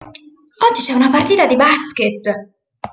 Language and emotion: Italian, surprised